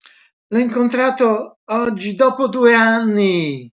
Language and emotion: Italian, surprised